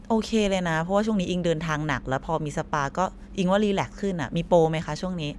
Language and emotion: Thai, neutral